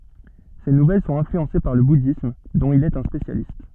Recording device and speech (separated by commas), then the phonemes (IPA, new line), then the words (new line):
soft in-ear microphone, read sentence
se nuvɛl sɔ̃t ɛ̃flyɑ̃se paʁ lə budism dɔ̃t il ɛt œ̃ spesjalist
Ses nouvelles sont influencées par le bouddhisme, dont il est un spécialiste.